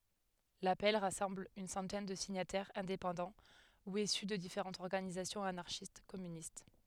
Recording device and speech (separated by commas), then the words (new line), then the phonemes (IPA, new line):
headset microphone, read sentence
L'appel rassemble une centaine de signataires indépendants ou issus de différentes organisations anarchistes-communistes.
lapɛl ʁasɑ̃bl yn sɑ̃tɛn də siɲatɛʁz ɛ̃depɑ̃dɑ̃ u isy də difeʁɑ̃tz ɔʁɡanizasjɔ̃z anaʁʃistɛskɔmynist